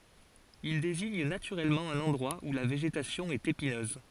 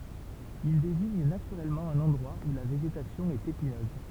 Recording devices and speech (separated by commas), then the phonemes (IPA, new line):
forehead accelerometer, temple vibration pickup, read sentence
il deziɲ natyʁɛlmɑ̃ œ̃n ɑ̃dʁwa u la veʒetasjɔ̃ ɛt epinøz